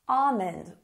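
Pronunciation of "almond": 'Almond' is said with no L sound.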